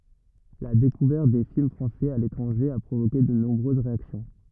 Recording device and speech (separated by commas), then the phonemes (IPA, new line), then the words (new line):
rigid in-ear microphone, read sentence
la dekuvɛʁt de film fʁɑ̃sɛz a letʁɑ̃ʒe a pʁovoke də nɔ̃bʁøz ʁeaksjɔ̃
La découverte des films français a l'étranger a provoqué de nombreuses réactions.